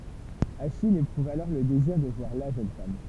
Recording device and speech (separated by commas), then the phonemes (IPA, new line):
temple vibration pickup, read sentence
aʃij epʁuv alɔʁ lə deziʁ də vwaʁ la ʒøn fam